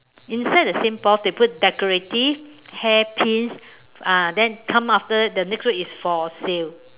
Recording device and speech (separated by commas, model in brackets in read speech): telephone, conversation in separate rooms